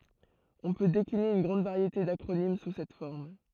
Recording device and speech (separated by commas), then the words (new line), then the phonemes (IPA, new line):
throat microphone, read sentence
On peut décliner une grande variété d'acronymes sous cette forme.
ɔ̃ pø dekline yn ɡʁɑ̃d vaʁjete dakʁonim su sɛt fɔʁm